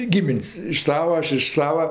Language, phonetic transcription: Lithuanian, ˈgimin's' iš ˈsavao ˈaš iš ˈsava

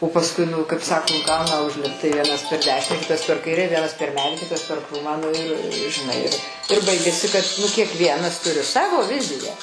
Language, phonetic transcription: Lithuanian, o pasˈkui ˈnu kaip ˈsako ˈgauna užˈlipt tai ˈvienas per ˈdešinę ˈkitas per ˈkaire ˈvienas per ˈmedį ˈkitas per ˈkrūmą ˈnu ir žiˈnai ir ir ˈbaigiasi kad nu kiekˈvienas ˈturi ˈsavo ˈviziją

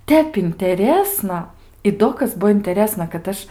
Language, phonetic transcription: Lithuanian, ˈtep inteˈrėsna i ˈdo kas ˈbuo inteˈrėsna kad ˈaš

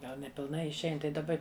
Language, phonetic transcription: Lithuanian, ˈgal nepilˈnai išˈein tai daˈba

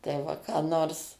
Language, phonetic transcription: Lithuanian, tai ˈva ką ˈnors

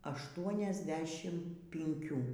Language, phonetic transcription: Lithuanian, ašˌtuoniasˈdešim pinˈkių

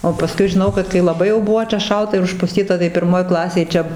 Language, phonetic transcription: Lithuanian, o paˈskui žiˈnau kad kai laˈbai jau ˈbuvo čia ˈšalta ir užpuˈstyta tai pirˈmoj ˈklasėj ˈčia

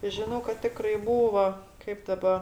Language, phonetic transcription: Lithuanian, ˈžino kad ˈtikrai ˈbūva ˈkaip ˈdaba

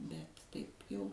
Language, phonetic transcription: Lithuanian, bet ˈtaip jau

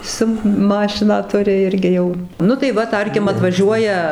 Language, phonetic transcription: Lithuanian, ˈsu ˈmašiną ˈturi ˈirgi jau ˈnu tai ˈva ˈtarkim atvaˈžiuoja

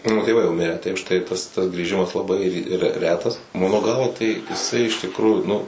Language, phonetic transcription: Lithuanian, ˈmano tėˈvai jau miˈrę tai už tai tas tas grįˈžimas laˈbai re ˈretas ˈmano ˈgalva tai jiˈsai iš tikˈrųju ˈnu

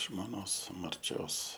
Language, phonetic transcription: Lithuanian, žmoˈnos marˈčios

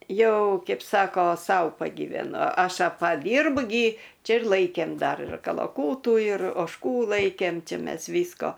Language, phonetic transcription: Lithuanian, ˈjau ˈkeip ˈsako ˈsau pagyveˈnu ˈaš paˈdyrbu gi ˈčia ir ˈlaikėm ˈdar ir kalaˈkūtų ir ožˈkų ˈlaikėm ˈči ˈmes ˈvysko

